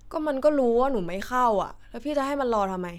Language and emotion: Thai, frustrated